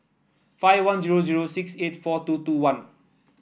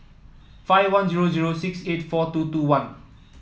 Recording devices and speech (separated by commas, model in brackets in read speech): boundary microphone (BM630), mobile phone (iPhone 7), read sentence